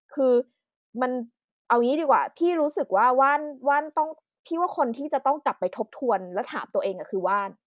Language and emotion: Thai, frustrated